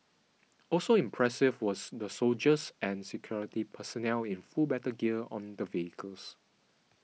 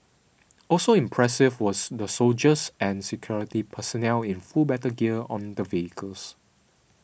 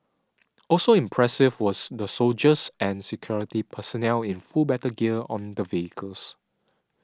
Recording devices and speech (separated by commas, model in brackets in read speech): mobile phone (iPhone 6), boundary microphone (BM630), standing microphone (AKG C214), read sentence